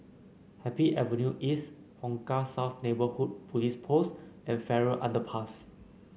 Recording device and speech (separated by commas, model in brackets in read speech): mobile phone (Samsung C9), read sentence